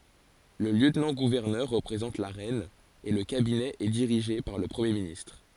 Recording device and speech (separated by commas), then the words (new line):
forehead accelerometer, read sentence
Le lieutenant-gouverneur représente la reine et le cabinet est dirigée par le Premier ministre.